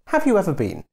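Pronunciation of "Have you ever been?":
The question 'Have you ever been?' has a falling tone.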